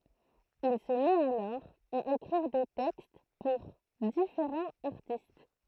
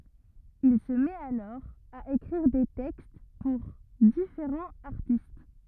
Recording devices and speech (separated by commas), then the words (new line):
throat microphone, rigid in-ear microphone, read sentence
Il se met alors à écrire des textes pour différents artistes.